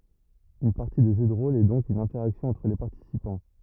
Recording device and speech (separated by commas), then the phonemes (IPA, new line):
rigid in-ear microphone, read sentence
yn paʁti də ʒø də ʁol ɛ dɔ̃k yn ɛ̃tɛʁaksjɔ̃ ɑ̃tʁ le paʁtisipɑ̃